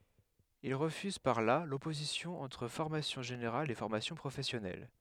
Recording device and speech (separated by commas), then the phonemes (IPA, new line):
headset microphone, read sentence
il ʁəfyz paʁ la lɔpozisjɔ̃ ɑ̃tʁ fɔʁmasjɔ̃ ʒeneʁal e fɔʁmasjɔ̃ pʁofɛsjɔnɛl